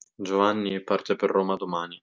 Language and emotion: Italian, sad